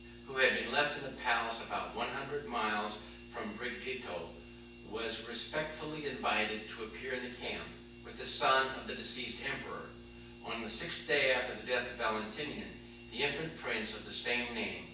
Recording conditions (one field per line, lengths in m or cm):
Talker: one person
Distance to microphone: 9.8 m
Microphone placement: far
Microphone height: 1.8 m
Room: large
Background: none